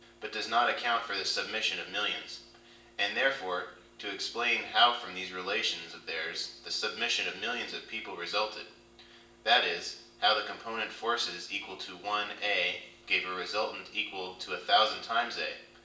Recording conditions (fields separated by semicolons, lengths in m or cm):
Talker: one person; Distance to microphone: 1.8 m; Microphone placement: close; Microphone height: 1.0 m; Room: large; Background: none